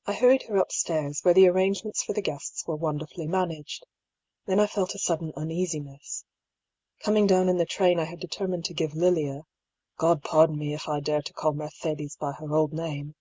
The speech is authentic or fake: authentic